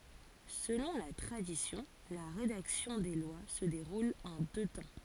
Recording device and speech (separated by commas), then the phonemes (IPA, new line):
forehead accelerometer, read sentence
səlɔ̃ la tʁadisjɔ̃ la ʁedaksjɔ̃ de lwa sə deʁul ɑ̃ dø tɑ̃